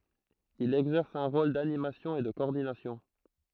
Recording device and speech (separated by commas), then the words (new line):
throat microphone, read sentence
Il exerce un rôle d’animation et de coordination.